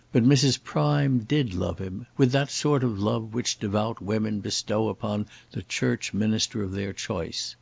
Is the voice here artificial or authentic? authentic